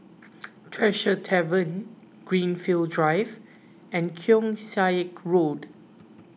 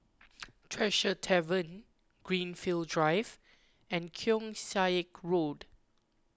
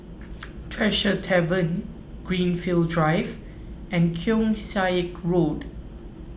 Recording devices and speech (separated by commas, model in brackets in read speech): mobile phone (iPhone 6), close-talking microphone (WH20), boundary microphone (BM630), read sentence